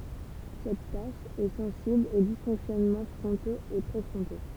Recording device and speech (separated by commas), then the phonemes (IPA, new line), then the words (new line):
temple vibration pickup, read sentence
sɛt taʃ ɛ sɑ̃sibl o disfɔ̃ksjɔnmɑ̃ fʁɔ̃toz e pʁefʁɔ̃to
Cette tâche est sensible aux dysfonctionnements frontaux et préfrontaux.